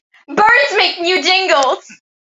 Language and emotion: English, happy